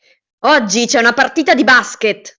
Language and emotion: Italian, angry